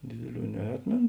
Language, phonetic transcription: Lithuanian, ˈdėdėˌlių neˈatmėn

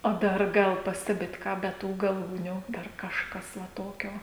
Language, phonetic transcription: Lithuanian, o ˈdar ˈgal ˈpastebit ˈką be ˈtų gaˈlūnių ˈdar kažˈkas va ˈtokio

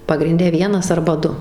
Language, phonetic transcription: Lithuanian, pagrinˈde ˈvienas arba ˈdu

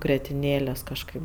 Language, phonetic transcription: Lithuanian, gretinˈėlės kažˈkaip

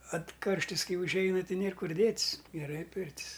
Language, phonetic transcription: Lithuanian, at ˈkarštis ˈkai užˈeina ˈti ˈnėr ˈkur ˈdėt's geˈrai ˈpirtis

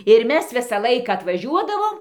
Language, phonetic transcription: Lithuanian, ir ˈmes ˈvisą ˈlaiką atvaˈžiuodavom

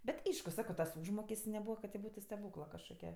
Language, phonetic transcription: Lithuanian, bet' ˈaišku ˈsako tas ˈūžmokest's' neˈbūva kad ti ˈbūtu steˈbūkla kažkoˈkia

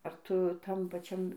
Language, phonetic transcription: Lithuanian, ar ˈtu ˈtam paˈčiam

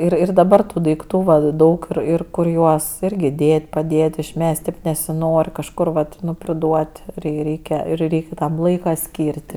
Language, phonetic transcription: Lithuanian, ˈir ir daˈbar ˈtų daikˈtų ˈva ˈdaug ir ˈir ˈkur ˈjuos ˈirgi ˈdėt' paˈdėt' išˈmesti nesiˈnor' kažˈkur vat ˈnu priˈduot' rei ˈreikia ir ˈreik' ˈtam ˈlaika ˈskyr't'

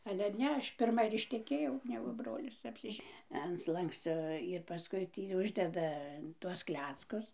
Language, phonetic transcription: Lithuanian, ale ˈne ˈaš pirˈma ir išteˈkėjau ˈnegu ˈbrolis apsiˈže an ˈslankscio ir paˈskui ˈtį ˈuždeda tuos ˈkleckus

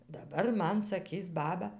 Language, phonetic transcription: Lithuanian, daˈbar ˈman saˈkys ˈbaba

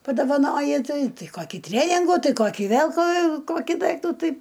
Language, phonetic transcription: Lithuanian, padovaˈnoji ˈtai ˈtai ˈkokį ˈtreningų ˈtai ˈkokį ˈvėl ko ˈkokį ˈdaiktų ˈtai

